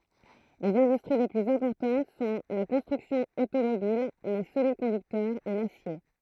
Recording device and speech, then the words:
throat microphone, read sentence
Les industries les plus importantes sont la construction automobile, les semi-conducteurs et l'acier.

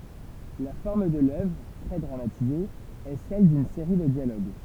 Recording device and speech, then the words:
temple vibration pickup, read sentence
La forme de l'œuvre - très dramatisée - est celle d'une série de dialogues.

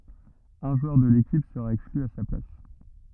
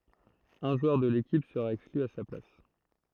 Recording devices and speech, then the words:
rigid in-ear microphone, throat microphone, read sentence
Un joueur de l'équipe sera exclu à sa place.

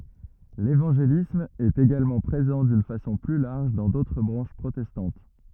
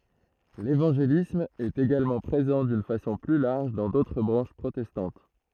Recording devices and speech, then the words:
rigid in-ear microphone, throat microphone, read sentence
L’évangélisme est également présent d’une façon plus large dans d’autres branches protestantes.

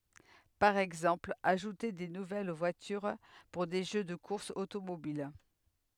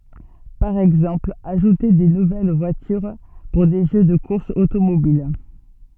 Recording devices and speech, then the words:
headset microphone, soft in-ear microphone, read sentence
Par exemple, ajouter des nouvelles voitures pour des jeux de courses automobiles.

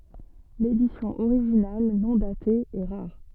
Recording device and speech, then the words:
soft in-ear microphone, read sentence
L'édition originale, non datée, est rare.

